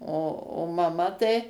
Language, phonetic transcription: Lithuanian, o o maˈma tai

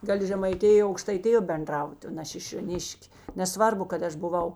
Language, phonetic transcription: Lithuanian, ˈgali žemaiˈtijo aukštaiˈtijo benˈdrauti o ne šišioˈniš'k' neˈsvarbu kad ˈaš buˈvau

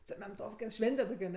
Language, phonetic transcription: Lithuanian, cemenˈtofke ˈšvente tok' aˈne

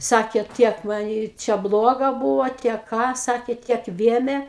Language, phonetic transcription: Lithuanian, ˈsakė ˈtiek va ˈji ˈčia ˈbloga ˈbūvo ˈtiek ˈką ˈsakė ˈtiek ˈvėmė

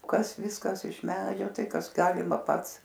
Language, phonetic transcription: Lithuanian, ˈkas ˈviskas iš ˈmedžio ˈtai ˈkas ˈgalima ˈpats

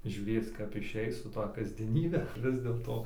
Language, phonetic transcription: Lithuanian, žiūˈrėc kap iˈšeis su ˈta kasdieˈnybe ˈvis dėlto

